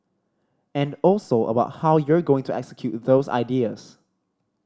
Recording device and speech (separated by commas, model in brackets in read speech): standing microphone (AKG C214), read sentence